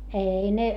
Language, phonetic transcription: Finnish, èi ne ,.
- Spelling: ei ne

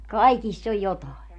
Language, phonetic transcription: Finnish, "kaikiss ‿oj 'jotàe .
- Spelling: kaikissa on jotakin

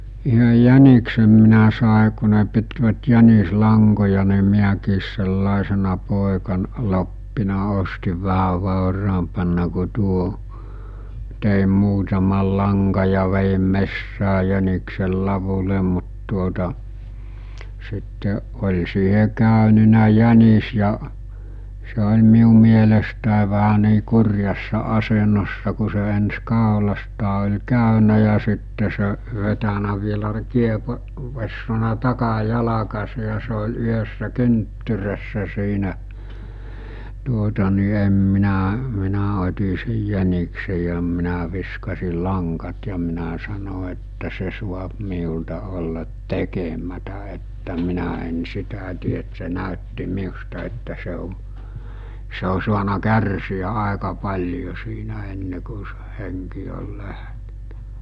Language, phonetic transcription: Finnish, yhöj 'jäniksem minä sàe ku ne pitvät 'jänis'laŋkoja ni 'miäkiis sellàesena 'pòekan- , 'loppina 'ostiv 'vähäv̆ vàoraampanna ku 'tuo , tèim 'muutamal laŋka ja vejim 'messää 'jäniksel 'lavule mut tuota , sitte , oĺ siihe 'kä̀önynä 'jänis ja , se oĺ 'miu mielestä̀e vähä nii 'kur̜jassa 'asenossa ku se ens 'kàolastaa ol̜ 'kä̀ynä ja 'sitte se , vetänä vielä 'kiepo- , -vessona 'taka'jalakase ja se ol 'yhəssä 'kynttyrässä siinä , tuota ni 'em 'minä , 'minä ot̜i sej 'jäniksej̆ ja minä viskasil 'laŋkat ja minä sano että 'se suap 'miulta ollat "tekemätä että 'minä en 'sitä tie et se 'nä̀ötti 'miusta että se o , se o suana 'kärsi₍ä 'àeka 'paĺjo siinä enne ku sᴇ 'heŋki ol 'läh(tenä) .
- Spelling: yhden jäniksen minä sain kun ne pitivät jänislankoja niin minäkin sellaisena - pojankloppina ostin vähän vauraampana kuin tuo tein muutaman langan ja vedin metsään jäniksen ladulle mutta tuota sitten oli siihen käynyt jänis ja se oli minun mielestäni vähän niin kurjassa asennossa kun se ensin kaulastaan oli käynyt ja sitten se vetänyt vielä - kiepoessaan takajalkansa ja se oli yhdessä kynttyrässä siinä tuota niin en minä minä otin sen jäniksen ja minä viskasin langat ja minä sanoin että se saa minulta olla tekemättä että minä en sitä tee että se näytti minusta että se on se on saanut kärsiä aika paljon siinä ennen kuin sen henki oli lähtenyt

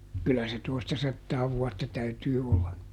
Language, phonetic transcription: Finnish, kylä se "toistasattaa ˈvuatta ˈtäytyy olla .
- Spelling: kyllä se toistasataa vuotta täytyy olla

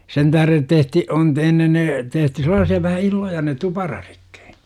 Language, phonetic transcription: Finnish, 'sen täh§ret 'tehti- , 'on t- ennen 'tehty selaasi₍a vähä 'illoja ne "tuparaRIkkI .
- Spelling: sen tähden tehtiin on - ennen tehty sellaisia vähän illoja ne tuparaditkin

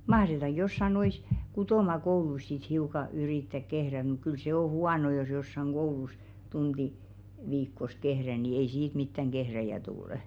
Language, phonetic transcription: Finnish, 'mahretaŋɢ jossa nois , "kutòma'kouluis sit 'hiuka 'yrìttäk kehrä muk kyl 'se o "huano jos jossaŋ "ɢoulus , 'tunᴅi , 'viikkos "kehrä ni ei 'siit mittäŋ "ɢehräjä tulᵊ .
- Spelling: mahdetaanko jossakin noissa kutomakouluissa sitten hiukan yrittää kehrätä mutta kyllä se on huono jos jossakin koulussa tunti viikossa kehrää niin ei siitä mitään kehrääjää tule

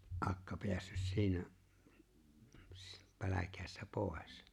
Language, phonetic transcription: Finnish, '’akka 'pḙässys 'siinä , s- , 'päläkääs(tä) "pòes .
- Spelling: akka päässyt siinä - pälkähästä pois

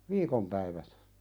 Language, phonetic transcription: Finnish, viikom päivät .
- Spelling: viikon päivät

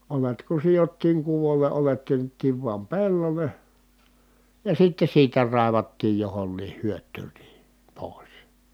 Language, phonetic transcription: Finnish, olet ku sijottiiŋ kuvol̆le ʼolet työnnettiiv vuam pellole , ja sitte siitä rài̮vattiij johonniih hyöt̆tyyn ni , pòis .
- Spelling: oljet kun sidottiin kuvolle oljet työnnettiin vain pellolle ja sitten siitä raivattiin johonkin hyötyyn niin pois

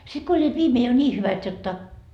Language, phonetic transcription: Finnish, sit ko oĺĺiit 'viimee jo "ńii 'hyvät 'jotta .
- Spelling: sitten kun olivat viimein jo niin hyvät jotta

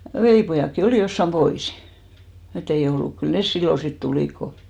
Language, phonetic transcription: Finnish, 'velìpojàkki 'olì jossam "ʙoisɪ , ett ‿ei 'ollu. kyl "nes 'sillon sit "tulìk ko ,.
- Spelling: velipojatkin oli jossakin poissa että ei ollut kyllä ne silloin sitten tulivat kun

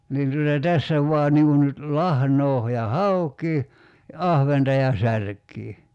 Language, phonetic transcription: Finnish, 'niin tuta "tässä vua 'niŋ kun nyt , 'lahnoo , ja "hauk̀ii , ja "ahventa ja 'särk̀ii .
- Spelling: niin tuota tässä vain niin kuin nyt lahnaa ja haukea ja ahventa ja särkeä

